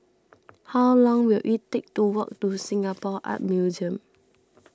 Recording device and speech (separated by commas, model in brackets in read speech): standing microphone (AKG C214), read sentence